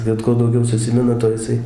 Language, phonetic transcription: Lithuanian, ˈbet kuo dauˈgiau suˈsimina ˈto jiˈsai

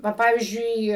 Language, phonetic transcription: Lithuanian, ˈva ˈpavyzdžiui

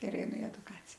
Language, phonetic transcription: Lithuanian, ir eiˈnu i eduˈkacija

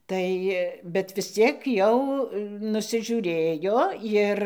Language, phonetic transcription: Lithuanian, ˈtai bet vis ˈciek jau nusiˈžiūrėjo ˈir

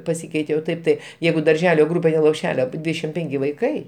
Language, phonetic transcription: Lithuanian, paˈsykeitė o ˈtaip tai ˈjeigu darˈželio ˈgrupė ten lopˈšelio api ˈdvydešim ˈpenki vaiˈkai

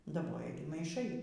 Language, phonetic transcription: Lithuanian, daˈboja ˈgi maiˈšai

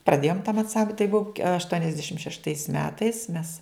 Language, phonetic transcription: Lithuanian, praˈdėjom tam anˈsamb tai ˈbuvo aštuoniasˈdešim šešˈtais ˈmetais mes

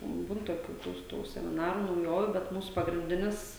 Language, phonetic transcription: Lithuanian, ˈbūn toˈkių ˈtų ˈtų semiˈnarų nauˈjovių bet ˈmūsu pagrinˈdinis

